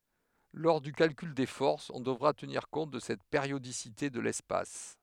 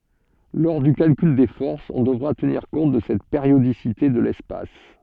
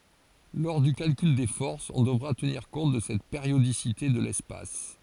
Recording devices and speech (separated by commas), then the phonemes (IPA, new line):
headset microphone, soft in-ear microphone, forehead accelerometer, read sentence
lɔʁ dy kalkyl de fɔʁsz ɔ̃ dəvʁa təniʁ kɔ̃t də sɛt peʁjodisite də lɛspas